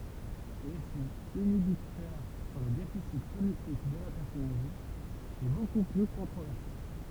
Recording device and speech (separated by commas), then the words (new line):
temple vibration pickup, read sentence
L'effet inhibiteur sur les déficits cognitifs de la personne âgée est beaucoup plus controversé.